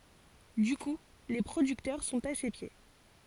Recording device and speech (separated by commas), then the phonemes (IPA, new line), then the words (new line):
forehead accelerometer, read sentence
dy ku le pʁodyktœʁ sɔ̃t a se pje
Du coup, les producteurs sont à ses pieds.